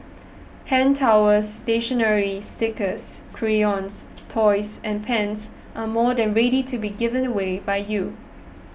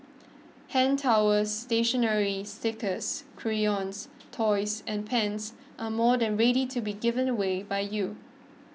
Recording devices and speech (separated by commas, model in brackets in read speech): boundary microphone (BM630), mobile phone (iPhone 6), read sentence